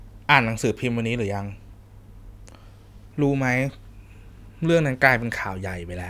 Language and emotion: Thai, frustrated